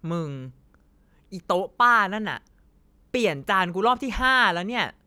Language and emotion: Thai, angry